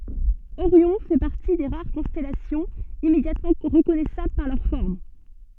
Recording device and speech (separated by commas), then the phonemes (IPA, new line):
soft in-ear microphone, read sentence
oʁjɔ̃ fɛ paʁti de ʁaʁ kɔ̃stɛlasjɔ̃z immedjatmɑ̃ ʁəkɔnɛsabl paʁ lœʁ fɔʁm